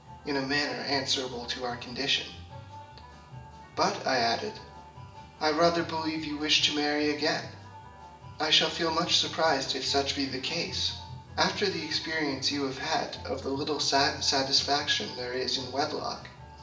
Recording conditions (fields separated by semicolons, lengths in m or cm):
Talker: one person; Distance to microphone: 1.8 m; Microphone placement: close; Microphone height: 1.0 m; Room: large; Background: music